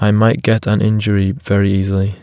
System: none